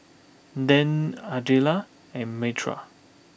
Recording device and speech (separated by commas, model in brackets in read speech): boundary microphone (BM630), read sentence